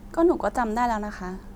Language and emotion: Thai, frustrated